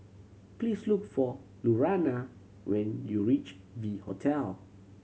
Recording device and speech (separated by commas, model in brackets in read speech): mobile phone (Samsung C7100), read sentence